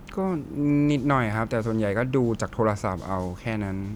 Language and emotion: Thai, neutral